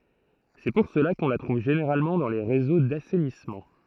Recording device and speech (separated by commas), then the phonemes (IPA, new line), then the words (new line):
throat microphone, read sentence
sɛ puʁ səla kɔ̃ la tʁuv ʒeneʁalmɑ̃ dɑ̃ le ʁezo dasɛnismɑ̃
C'est pour cela qu'on la trouve généralement dans les réseaux d'assainissement.